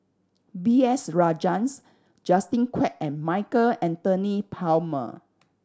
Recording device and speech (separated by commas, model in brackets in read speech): standing microphone (AKG C214), read sentence